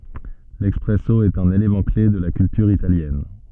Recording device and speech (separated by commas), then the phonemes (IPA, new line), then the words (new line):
soft in-ear microphone, read sentence
lɛspʁɛso ɛt œ̃n elemɑ̃ kle də la kyltyʁ italjɛn
L'espresso est un élément clé de la culture italienne.